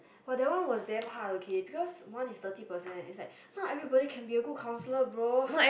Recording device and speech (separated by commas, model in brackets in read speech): boundary microphone, conversation in the same room